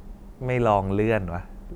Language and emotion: Thai, neutral